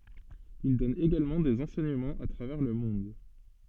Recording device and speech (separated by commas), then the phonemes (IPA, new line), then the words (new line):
soft in-ear microphone, read sentence
il dɔn eɡalmɑ̃ dez ɑ̃sɛɲəmɑ̃z a tʁavɛʁ lə mɔ̃d
Il donne également des enseignements à travers le monde.